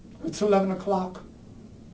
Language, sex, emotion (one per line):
English
male
fearful